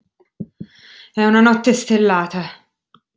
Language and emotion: Italian, disgusted